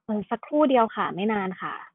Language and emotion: Thai, neutral